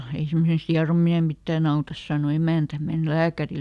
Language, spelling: Finnish, ei semmoisesta hierominen mitään auta sanoi emäntä mene lääkärille
- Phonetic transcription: » ei ˈsemmosest "hiaromine ˈmittääˈn ‿autas » sàno ˈemä̀ntä , » ˈmen "lääkäril » .

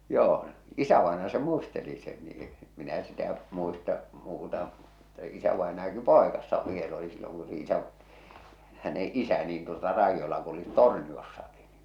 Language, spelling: Finnish, joo isävainaja se muisteli sen niin - minä sitä muista muuta mutta isävainajakin poikasena vielä oli silloin kun sen isä hänen isä niin tuota raidoilla kulkivat Torniossakin niin
- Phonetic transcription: 'joo , 'isävaenaja se "muisteli sen nii , ᴇ- minä sitä , muista , muuta , (mutta) 'isävaenajaki "pòekassa 'viel ‿oli silloŋ ku se 'isä’ , häne "’isä niin tuota 'raijjola kulit "Torniossakɪ ɴɪ .

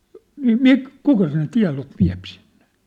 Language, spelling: Finnish, niin - kuka sen tiedon vie sinne
- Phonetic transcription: 'nii "mik- , 'kuka sen 'tia̭lov 'viä̭p sinɴᴇ !

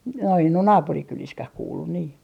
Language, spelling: Finnish, no en ole naapurikylissäkään kuullut niin
- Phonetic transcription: no en ‿on "naapurikyliskäh 'kuullun nii .

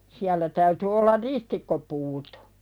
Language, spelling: Finnish, siellä täytyi olla ristikkopuut
- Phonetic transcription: 'siällä täyty ollar "ristikkopuut .

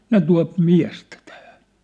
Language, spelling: Finnish, ne tuo miestä tähän
- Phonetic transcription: ne 'tua̭p "miä̭stä tähᴀ̈ .

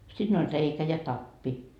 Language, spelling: Finnish, siinä oli reikä ja tappi
- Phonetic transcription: 'siin ‿oĺ 'reikä ja "tappi .

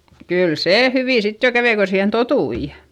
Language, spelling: Finnish, kyllä se hyvin sitten jo kävi kun siihen tottui
- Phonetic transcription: kyl see hyvì sit jo kävei ko siihen totui .

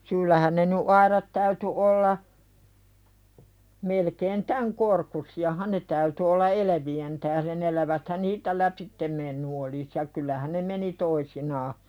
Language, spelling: Finnish, syyllähän ne nyt aidat täytyi olla melkein tämän korkuisiahan ne täytyi olla elävien tähden eläväthän niistä lävitse mennyt olisi ja kyllähän ne meni toisinaan
- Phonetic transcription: 'syyllähän ne ny "aiðat täyty olla , melkeen "täŋ korkusi₍ahan 'ne täyty olla "eləvi₍en tähðen ‿eläväthän "nii(s)tä 'läpittem menny olis ja kyl̆lähä ne "meni 'toisinaa .

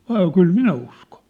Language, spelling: Finnish, oli kyllä minä uskon
- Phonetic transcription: 'ol 'kyl "minä usko(n̬) .

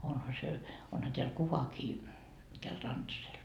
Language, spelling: Finnish, onhan se onhan täällä kuvakin tällä Rantasella
- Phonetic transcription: onha se , 'onha teäl 'kuvakii , täl 'Rantasel .

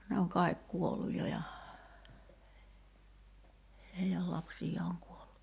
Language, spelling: Finnish, ne on kaikki kuollut jo ja heidän lapsiaan on kuollut
- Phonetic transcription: ne oŋ 'kài̬k "kuolluj 'jo ja , 'hei₍äl "lapsij̆jaa oŋ 'kuollu .

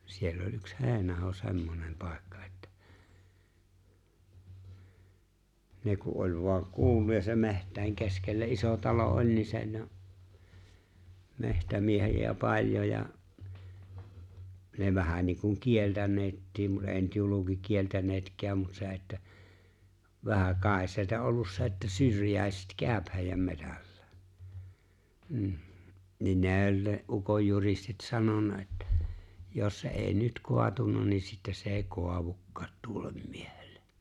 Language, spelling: Finnish, siellä oli yksi Heinaho semmoinen paikka että ne kun oli vain kuullut ja se metsien keskellä iso talo oli niin se ne on metsämiehiä paljon ja ne vähän niin kuin kieltäneetkin mutta ei nyt julkikieltäneetkään mutta se että vähän kai se että ollut se että syrjäiset käy heidän metsällä mm niin ne oli ne ukonjuristit sanonut että jos se ei nyt kaatunut niin sitten se ei kaadukaan tuolle miehelle
- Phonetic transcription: 'siell ‿oĺ́ ’yks "He̬ⁱnaho 'se̬mmonem 'pàekkᴀ ᴇttᴀ̈ , 'ne ku ’oĺ vu̬aŋ 'kuulluj ja se "me̬htäi̬ŋ 'keskellä "’iso 'talo '’oĺ ni se ne ‿o , 'mehtämiehi₍ä 'paĺjo ja , ne vähän niiŋkuŋ 'kieltäǹeettiim mut ‿eeⁱ nyt 'julukikieltänetk̀ääm mut 'se että , vähäŋ ('kàes ‿se ‿että) ollus se että 'syrjä̀eset "kä̀ᵒ̈p hè̬i̬jäm 'metällᴀ̈ᴀ̈ , 'hm̥ , niin 'nee o͕ĺ ne '’ukojjuristit 'sanonnᴀ ettᴀ̈ , » 'jos se '’èi "nyt "koatunna ni sittä se 'eeⁱ "koavukkaat 'tuollᴇᴍ 'ᴍɪᴇʜᴇʟʟᴇ « .

